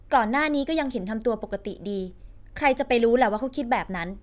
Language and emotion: Thai, frustrated